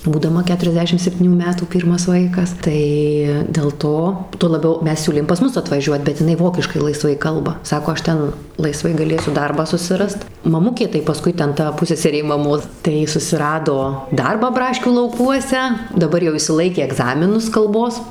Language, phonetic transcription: Lithuanian, būdaˈma ˌketuriasˈdešim sepˈtynių ˈmetų ˈpyrmas ˈvaikas tai del ˈto tuo laˈbiau ˈmes ˈsiūlėm pas ˈmus atvaˈžiuot bet iˈnai ˈvokiškai laiˈsvai ˈkalba ˈsako ˈaš ˈten laiˈsvai gaˈlėsiu ˈdarbą susiˈrast maˈmukė tai paˈskui ˈten ˈta ˈpusseserė maˈmos tai ˈji susiˈrado ˈdarbą ˈbraškių lauˈkuose daˈbar jau išsiˈlaikė egˈzaminus kalˈbos

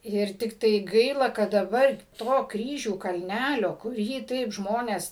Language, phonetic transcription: Lithuanian, ˈir tikˈtai ˈgaila kad daˈbar ˈto ˈkryžių kalˈnælio kuˈrį ˈtaip ˈžmonės

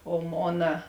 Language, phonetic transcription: Lithuanian, o ˈmona

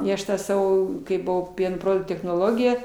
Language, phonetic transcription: Lithuanian, i ˈaš ˈtą ˈsavo kai buˈvau ˈpieno ˈproduktų technoˈlogija

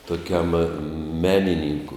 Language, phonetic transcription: Lithuanian, tuˈkiam ˈmeninynku

